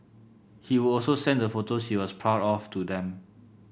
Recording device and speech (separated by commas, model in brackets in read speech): boundary microphone (BM630), read sentence